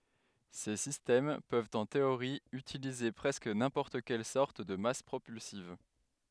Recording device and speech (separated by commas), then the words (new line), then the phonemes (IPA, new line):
headset microphone, read sentence
Ces systèmes peuvent en théorie utiliser presque n'importe quelle sorte de masse propulsive.
se sistɛm pøvt ɑ̃ teoʁi ytilize pʁɛskə nɛ̃pɔʁt kɛl sɔʁt də mas pʁopylsiv